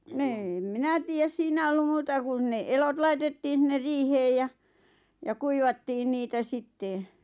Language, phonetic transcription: Finnish, nii em "minä 'tiijäs 'siinä ollum 'muuta kun ne 'elot laitettiin̬ sinne 'riiheej ja , ja 'kuivattiin niitä 'sitte .
- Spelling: niin en minä tiedä siinä ollut muuta kuin ne elot laitettiin sinne riiheen ja ja kuivattiin niitä sitten

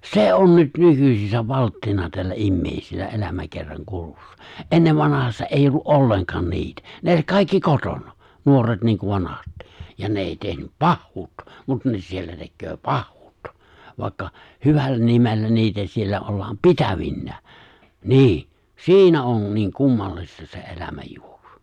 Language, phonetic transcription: Finnish, se "’on 'nyt "nykysisäv 'valttina teällä '’immèisillä 'elämäkerraŋ 'kulussᴀ , "’ennev "vanahassa 'eijj ‿ollu’ "’olleŋkàn 'niitä , ne ‿o͕ĺ 'kàikki 'kotoǹᴀ , 'nuoret niiŋku 'vanahat(ti) , ja 'ne ei tehnyp "pahhuuttᴀ , 'mut ne 'siellä 'tekköö "pahhᴜᴜttᴀ , vài̬kka , 'hyvällä 'nimellä niitä 'siellä ollaam "pitävinnᴀ̈ᴀ̈ , "ni̬i̬ , "si̬inä on niiŋ 'kummallista se 'elämäjjuᴏksᴜ .
- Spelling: se on nyt nykyisin valttina täällä ihmisillä elämäkerran kulussa ennen vanhassa ei ollut ollenkaan niitä ne oli kaikki kotona nuoret niin kuin vanhatkin ja ne ei tehnyt pahuutta mutta ne siellä tekee pahuutta vaikka hyvällä nimellä niitä siellä ollaan pitävinään niin siinä on niin kummallista se elämänjuoksu

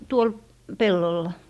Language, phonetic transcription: Finnish, 'tuol , "pellolla .
- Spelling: tuolla pellolla

